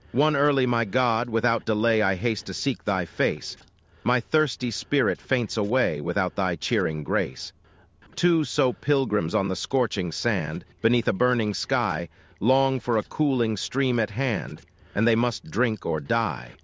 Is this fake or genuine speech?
fake